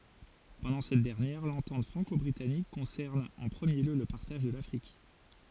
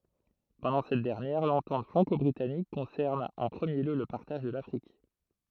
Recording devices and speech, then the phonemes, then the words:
forehead accelerometer, throat microphone, read sentence
pɑ̃dɑ̃ sɛt dɛʁnjɛʁ lɑ̃tɑ̃t fʁɑ̃kɔbʁitanik kɔ̃sɛʁn ɑ̃ pʁəmje ljø lə paʁtaʒ də lafʁik
Pendant cette dernière, l'entente franco-britannique concerne en premier lieu le partage de l'Afrique.

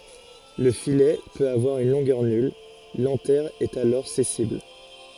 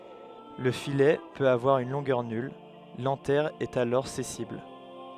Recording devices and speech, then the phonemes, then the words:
forehead accelerometer, headset microphone, read sentence
lə filɛ pøt avwaʁ yn lɔ̃ɡœʁ nyl lɑ̃tɛʁ ɛt alɔʁ sɛsil
Le filet peut avoir une longueur nulle, l'anthère est alors sessile.

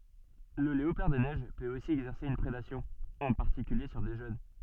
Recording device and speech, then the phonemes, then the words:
soft in-ear microphone, read sentence
lə leopaʁ de nɛʒ pøt osi ɛɡzɛʁse yn pʁedasjɔ̃ ɑ̃ paʁtikylje syʁ de ʒøn
Le léopard des neiges peut aussi exercer une prédation, en particulier sur des jeunes.

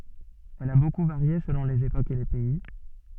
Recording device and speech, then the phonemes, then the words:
soft in-ear microphone, read sentence
ɛl a boku vaʁje səlɔ̃ lez epokz e le pɛi
Elle a beaucoup varié selon les époques et les pays.

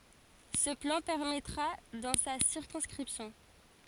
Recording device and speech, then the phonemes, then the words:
forehead accelerometer, read sentence
sə plɑ̃ pɛʁmɛtʁa dɑ̃ sa siʁkɔ̃skʁipsjɔ̃
Ce plan permettra dans sa circonscription.

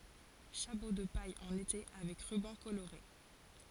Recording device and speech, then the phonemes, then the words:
forehead accelerometer, read sentence
ʃapo də paj ɑ̃n ete avɛk ʁybɑ̃ koloʁe
Chapeau de paille en été avec ruban coloré.

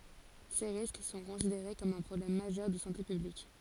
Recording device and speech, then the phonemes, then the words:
forehead accelerometer, read sentence
se ʁisk sɔ̃ kɔ̃sideʁe kɔm œ̃ pʁɔblɛm maʒœʁ də sɑ̃te pyblik
Ces risques sont considérés comme un problème majeur de santé publique.

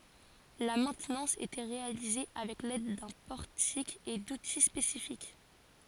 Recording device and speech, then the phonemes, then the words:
forehead accelerometer, read sentence
la mɛ̃tnɑ̃s etɛ ʁealize avɛk lɛd dœ̃ pɔʁtik e duti spesifik
La maintenance était réalisée avec l'aide d'un portique et d'outils spécifiques.

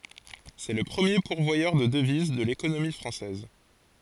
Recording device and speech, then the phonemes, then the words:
forehead accelerometer, read sentence
sɛ lə pʁəmje puʁvwajœʁ də dəviz də lekonomi fʁɑ̃sɛz
C'est le premier pourvoyeur de devises de l'économie française.

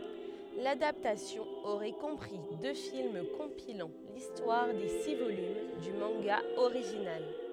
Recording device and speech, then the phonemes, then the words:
headset microphone, read sentence
ladaptasjɔ̃ oʁɛ kɔ̃pʁi dø film kɔ̃pilɑ̃ listwaʁ de si volym dy mɑ̃ɡa oʁiʒinal
L'adaptation aurait compris deux films compilant l'histoire des six volumes du manga original.

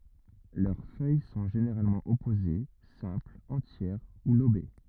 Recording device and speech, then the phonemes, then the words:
rigid in-ear microphone, read sentence
lœʁ fœj sɔ̃ ʒeneʁalmɑ̃ ɔpoze sɛ̃plz ɑ̃tjɛʁ u lobe
Leurs feuilles sont généralement opposées, simples, entières ou lobées.

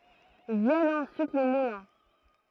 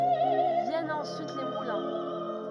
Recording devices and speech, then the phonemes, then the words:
throat microphone, rigid in-ear microphone, read sentence
vjɛnt ɑ̃syit le mulɛ̃
Viennent ensuite les moulins.

